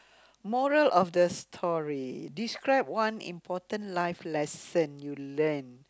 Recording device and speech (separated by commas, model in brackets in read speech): close-talking microphone, conversation in the same room